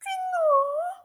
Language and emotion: Thai, happy